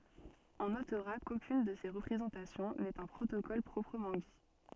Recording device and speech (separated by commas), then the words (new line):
soft in-ear microphone, read sentence
On notera qu'aucune de ces représentations n'est un protocole proprement dit.